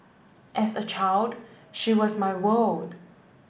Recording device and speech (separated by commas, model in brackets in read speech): boundary microphone (BM630), read sentence